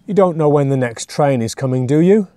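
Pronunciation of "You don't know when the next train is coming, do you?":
The tag question is said with a rising intonation, as a real question.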